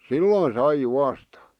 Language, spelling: Finnish, silloin sai juosta
- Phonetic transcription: sillòⁱn 'sai 'juasta .

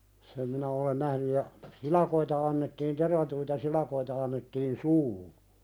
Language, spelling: Finnish, sen minä olen nähnyt ja silakoita annettiin tervattuja silakoita annettiin suuhun
- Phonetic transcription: sem minä olen "nähny ja , 'silakoita annettiin tervatuita 'silakoita annettiin "suuhu .

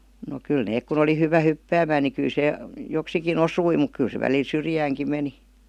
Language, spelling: Finnish, no kyllä ne kun oli hyvä hyppäämään niin kyllä se joksikin osui mutta kyllä se välillä syrjäänkin meni
- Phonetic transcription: no kyl 'neek kun ‿oli 'hyvä "hyppäämään ni 'ky(l) se , 'joksiki"n ‿osui muk 'kyl se välil "syrjääŋki 'meni .

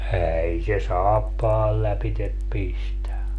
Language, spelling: Finnish, ei se saappaan lävitse pistä
- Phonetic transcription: "ääi se "saappaal 'läpitep "pistä .

